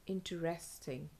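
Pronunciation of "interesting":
'Interesting' is said the American way, with a t sound heard in the middle, as in 'inter-'. The British way doesn't have this t sound.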